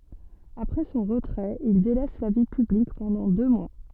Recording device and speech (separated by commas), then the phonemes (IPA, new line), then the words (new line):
soft in-ear microphone, read sentence
apʁɛ sɔ̃ ʁətʁɛt il delɛs la vi pyblik pɑ̃dɑ̃ dø mwa
Après son retrait, il délaisse la vie publique pendant deux mois.